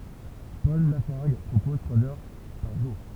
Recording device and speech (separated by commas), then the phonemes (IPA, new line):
temple vibration pickup, read sentence
pɔl lafaʁɡ pʁopɔz tʁwaz œʁ paʁ ʒuʁ